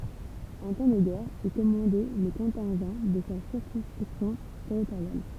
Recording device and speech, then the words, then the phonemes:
temple vibration pickup, read sentence
En temps de guerre, il commandait le contingent de sa circonscription territoriale.
ɑ̃ tɑ̃ də ɡɛʁ il kɔmɑ̃dɛ lə kɔ̃tɛ̃ʒɑ̃ də sa siʁkɔ̃skʁipsjɔ̃ tɛʁitoʁjal

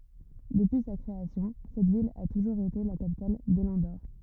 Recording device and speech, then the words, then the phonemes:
rigid in-ear microphone, read sentence
Depuis sa création, cette ville a toujours été la capitale de l'Andorre.
dəpyi sa kʁeasjɔ̃ sɛt vil a tuʒuʁz ete la kapital də lɑ̃doʁ

